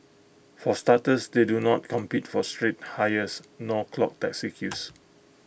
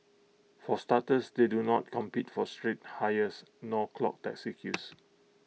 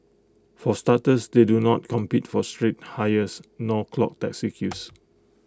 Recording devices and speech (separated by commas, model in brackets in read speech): boundary microphone (BM630), mobile phone (iPhone 6), close-talking microphone (WH20), read sentence